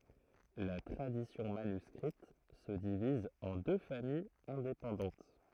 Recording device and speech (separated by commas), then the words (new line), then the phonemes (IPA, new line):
throat microphone, read sentence
La tradition manuscrite se divise en deux familles indépendantes.
la tʁadisjɔ̃ manyskʁit sə diviz ɑ̃ dø famijz ɛ̃depɑ̃dɑ̃t